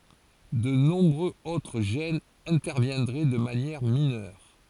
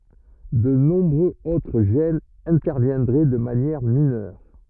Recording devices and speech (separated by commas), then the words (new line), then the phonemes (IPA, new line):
forehead accelerometer, rigid in-ear microphone, read sentence
De nombreux autres gènes interviendraient de manière mineure.
də nɔ̃bʁøz otʁ ʒɛnz ɛ̃tɛʁvjɛ̃dʁɛ də manjɛʁ minœʁ